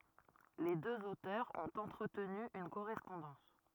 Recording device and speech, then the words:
rigid in-ear microphone, read sentence
Les deux auteurs ont entretenu une correspondance.

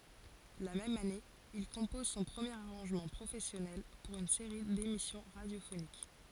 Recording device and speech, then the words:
forehead accelerometer, read sentence
La même année, il compose son premier arrangement professionnel pour une série d'émissions radiophoniques.

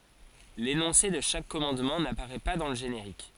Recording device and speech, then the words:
forehead accelerometer, read sentence
L'énoncé de chaque commandement n'apparaît pas dans le générique.

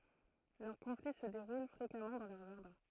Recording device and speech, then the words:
throat microphone, read sentence
Leurs conflits se déroulent fréquemment dans leurs jardins.

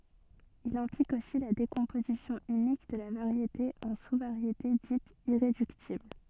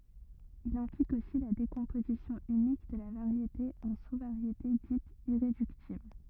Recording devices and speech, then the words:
soft in-ear microphone, rigid in-ear microphone, read sentence
Il implique aussi la décomposition unique de la variété en sous-variétés dites irréductibles.

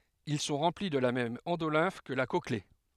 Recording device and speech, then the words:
headset microphone, read sentence
Ils sont remplis de la même endolymphe que la cochlée.

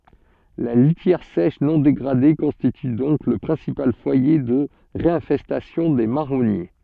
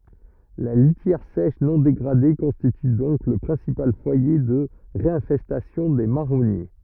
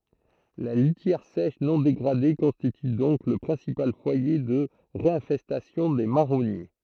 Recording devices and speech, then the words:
soft in-ear microphone, rigid in-ear microphone, throat microphone, read sentence
La litière sèche non dégradée constitue donc le principal foyer de réinfestation des marronniers.

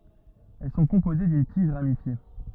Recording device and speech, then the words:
rigid in-ear microphone, read sentence
Elles sont composées d'une tige ramifiée.

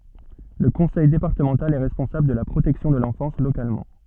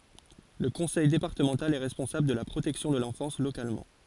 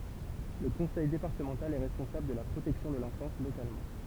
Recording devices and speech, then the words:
soft in-ear microphone, forehead accelerometer, temple vibration pickup, read sentence
Le conseil départemental est responsable de la protection de l'enfance localement.

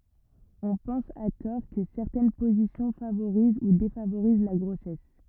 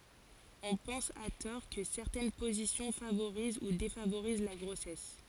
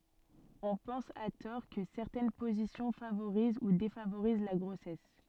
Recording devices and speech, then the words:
rigid in-ear microphone, forehead accelerometer, soft in-ear microphone, read sentence
On pense à tort que certaines positions favorisent ou défavorisent la grossesse.

